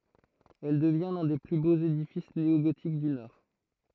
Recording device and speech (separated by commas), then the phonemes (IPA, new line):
throat microphone, read sentence
ɛl dəvjɛ̃ lœ̃ de ply boz edifis neoɡotik dy nɔʁ